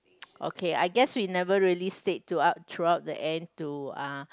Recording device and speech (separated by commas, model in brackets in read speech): close-talking microphone, conversation in the same room